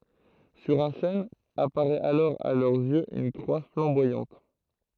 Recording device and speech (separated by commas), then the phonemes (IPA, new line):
throat microphone, read sentence
syʁ œ̃ ʃɛn apaʁɛt alɔʁ a lœʁz jøz yn kʁwa flɑ̃bwajɑ̃t